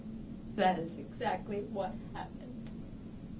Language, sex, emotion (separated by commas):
English, female, sad